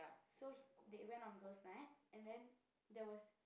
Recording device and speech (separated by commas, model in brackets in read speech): boundary microphone, conversation in the same room